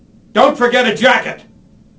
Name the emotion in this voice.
angry